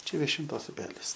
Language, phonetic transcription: Lithuanian, ˈčia viešinˈtos uˈpelis

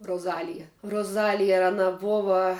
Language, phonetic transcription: Lithuanian, roˈzalija roˈzalija aˈna ˈbova

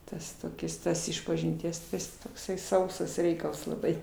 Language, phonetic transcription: Lithuanian, ˈtas toˈkis ˈtos išpažinˈties tai ˈjis tokˈsai ˈsausas ˈreikals laˈbai

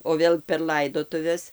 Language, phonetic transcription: Lithuanian, o ˈvėl per ˈlaidotuves

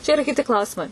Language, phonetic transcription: Lithuanian, čia iˈra kiˈti ˈklausimai

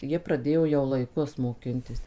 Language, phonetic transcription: Lithuanian, ˈjie praˈdėjo jau laiˈkus moˈkintis

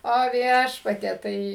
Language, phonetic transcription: Lithuanian, o ˈviešpatie ˈtai

